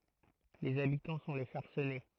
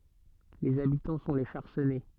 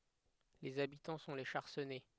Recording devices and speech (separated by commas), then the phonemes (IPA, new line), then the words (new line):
throat microphone, soft in-ear microphone, headset microphone, read sentence
lez abitɑ̃ sɔ̃ le ʃaʁsɛnɛ
Les habitants sont les Charcennais.